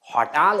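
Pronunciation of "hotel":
'Hotel' is pronounced correctly here.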